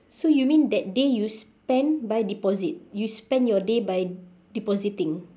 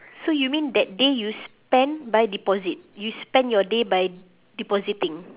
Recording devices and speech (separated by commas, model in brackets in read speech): standing microphone, telephone, conversation in separate rooms